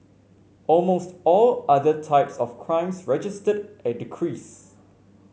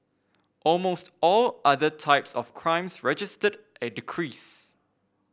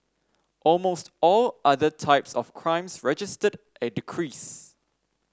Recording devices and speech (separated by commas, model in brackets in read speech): mobile phone (Samsung C5), boundary microphone (BM630), standing microphone (AKG C214), read sentence